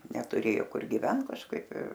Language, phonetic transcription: Lithuanian, netuˈrėjo ˈkur giˈvent kažˈkaip ir

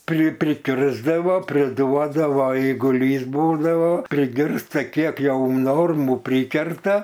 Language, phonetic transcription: Lithuanian, pri priˈkirsdavo priˈduodavo eiguˈlys ˈbūdavo priˈgirsta ˈkiek ˈjau ˈnormų ˈprykerta

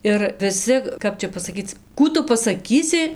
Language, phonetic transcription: Lithuanian, ir viˈsi ˈkap čia pasaˈkyc ˈkų tu pasaˈkysi

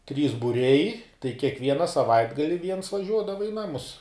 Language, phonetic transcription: Lithuanian, trys buˈriai tai kiekˈviena saˈvaitgali viens vaˈžiuodava i ˈnamus

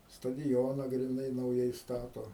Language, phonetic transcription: Lithuanian, stadiˈjoną griˈnai nauˈjai ˈstato

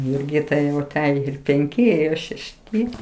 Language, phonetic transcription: Lithuanian, jurˈgitai jau aˈtejo ir penˈki ir šešˈti

